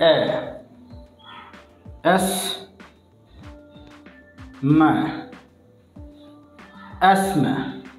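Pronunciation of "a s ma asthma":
'Asthma' is said with a British English pronunciation, and no t or th sound is heard in it.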